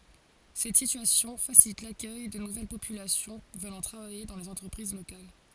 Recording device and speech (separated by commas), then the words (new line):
forehead accelerometer, read sentence
Cette situation facilite l’accueil de nouvelle population venant travailler dans les entreprises locales.